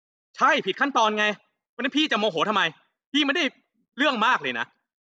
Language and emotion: Thai, angry